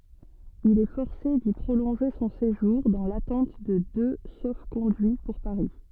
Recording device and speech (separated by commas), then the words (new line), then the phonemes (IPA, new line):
soft in-ear microphone, read sentence
Il est forcé d'y prolonger son séjour, dans l'attente de deux sauf-conduits pour Paris.
il ɛ fɔʁse di pʁolɔ̃ʒe sɔ̃ seʒuʁ dɑ̃ latɑ̃t də dø sofkɔ̃dyi puʁ paʁi